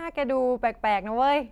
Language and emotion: Thai, neutral